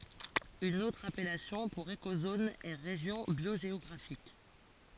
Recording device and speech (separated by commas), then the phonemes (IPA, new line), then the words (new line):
forehead accelerometer, read sentence
yn otʁ apɛlasjɔ̃ puʁ ekozon ɛ ʁeʒjɔ̃ bjoʒeɔɡʁafik
Une autre appellation pour écozone est région biogéographique.